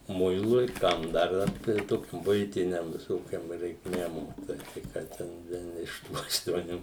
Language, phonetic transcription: Lithuanian, ˈmuilui ˈkam dar ˈvat tai ˈtokiu ˈbuitiniam viˈsokiom reikˈmėm tai ˈką ten ˈvien iš ˈtų aštuoˈnių

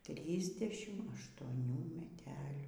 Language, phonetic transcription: Lithuanian, ˈtrysˌdešim aštuoˈnių meˈtelių

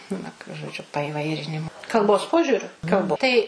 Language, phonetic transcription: Lithuanian, ˈnu žoˈdžiu paiˈvairinimu kalˈbos ˈpožiuriu kalbˈ ˈtai

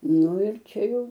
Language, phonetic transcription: Lithuanian, ˈnu ir ˈčia ˈjau

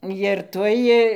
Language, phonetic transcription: Lithuanian, jir ˈtuoj

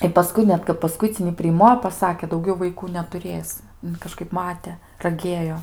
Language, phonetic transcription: Lithuanian, i paˈskui net kap paˈskuicinį priˈmo i paˈsakė dauˈgiau vaiˈkų netuˈrės kaˈžkaip ˈmate raˈgėjo

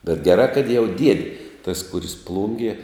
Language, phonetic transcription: Lithuanian, bet geˈrā kad jau ˈdiedi tas ˈkuris ˈplungie

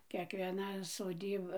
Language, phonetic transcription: Lithuanian, kiekvieˈna soˈdyba

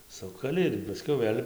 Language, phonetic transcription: Lithuanian, ˈsukali ir paˈskiau ˈvɘl'

